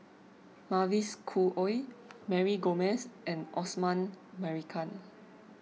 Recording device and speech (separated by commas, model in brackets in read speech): mobile phone (iPhone 6), read sentence